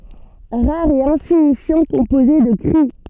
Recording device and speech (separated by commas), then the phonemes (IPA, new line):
soft in-ear microphone, read sentence
ʁaʁ e ɛ̃siɲifjɑ̃ kɔ̃poze də kʁi